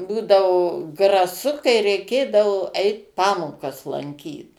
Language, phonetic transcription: Lithuanian, ˈbūdavo graˈsu kai reiˈkėdavo ˈeit ˈpamokas lanˈkyt

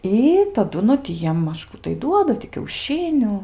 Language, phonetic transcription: Lithuanian, ˈy taˈdu nu ti ˈjiem ˈmaž ˈkų tai ˈduoda ti kiauˈšiniu

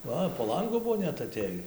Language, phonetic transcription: Lithuanian, ˈva po ˈlangu ˈbuvo ˈnet aˈtėjį

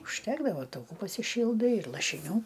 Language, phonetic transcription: Lithuanian, užˈtekdavo tauˈkų pasiˈšyldai ir lašiˈnių

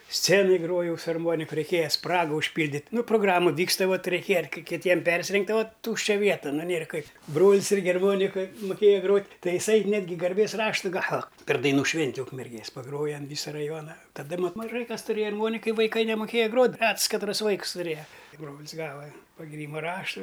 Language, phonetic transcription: Lithuanian, ˈscenoj ˈgrojau su arˈmoniku reiˈkėja ˈspragu užˈpyldit' ˈnu proˈgramu ˈvyksta ˈvat reiˈkėja ar ˈkai kiˈtiem ˈpersirengtˈ tai vat ˈtūščia ˈvieta ˈnu ˈnėr ˈkai ˈbrol's ˈirgi arˈmonika muˈkėja ˈgrot' ˈtai iˈsai ˈnetgi garˈbės ˈraštu ˈgava per daiˈnų ˈšvinti ukmerˈgės paˈgroja an ˈvysa raˈjuona taˈda ˈmat maˈžai kas tuˈrėja arˈmonika i vaiˈkai nemuˈkėja ˈgrot' ˈrets katˈras ˈvaiks tuˈrėja ˈbrol's ˈgava pagiˈrymu ˈraštu

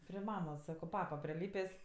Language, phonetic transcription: Lithuanian, pri ˈmamos ˈsako ˈpapa priˈlypės'

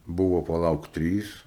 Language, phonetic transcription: Lithuanian, ˈbuvo paˈlauk ˈtrys

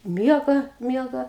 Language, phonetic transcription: Lithuanian, ˈmiega ˈmiega

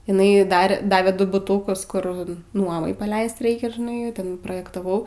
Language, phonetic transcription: Lithuanian, iˈnai ˈdar ˈdavė ˈdu buˈtūkus ˈkur ˈnuomai paˈleist ˈraikia žiˈnai ˈten projektaˈvau

